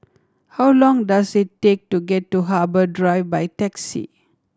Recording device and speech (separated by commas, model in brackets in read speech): standing microphone (AKG C214), read sentence